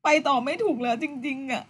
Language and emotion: Thai, sad